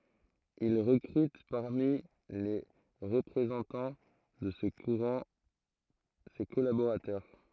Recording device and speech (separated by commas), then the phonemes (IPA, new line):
throat microphone, read sentence
il ʁəkʁyt paʁmi le ʁəpʁezɑ̃tɑ̃ də sə kuʁɑ̃ se kɔlaboʁatœʁ